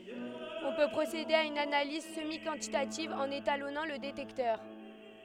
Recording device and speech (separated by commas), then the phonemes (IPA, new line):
headset microphone, read sentence
ɔ̃ pø pʁosede a yn analiz səmikɑ̃titativ ɑ̃n etalɔnɑ̃ lə detɛktœʁ